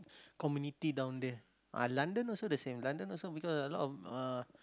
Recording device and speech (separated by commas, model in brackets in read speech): close-talking microphone, conversation in the same room